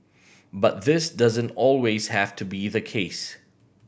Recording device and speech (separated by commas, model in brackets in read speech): boundary microphone (BM630), read sentence